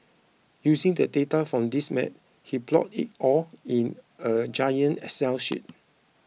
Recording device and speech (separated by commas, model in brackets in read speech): mobile phone (iPhone 6), read sentence